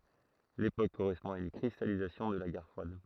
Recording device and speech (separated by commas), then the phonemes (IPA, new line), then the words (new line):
throat microphone, read sentence
lepok koʁɛspɔ̃ a yn kʁistalizasjɔ̃ də la ɡɛʁ fʁwad
L’époque correspond à une cristallisation de la guerre froide.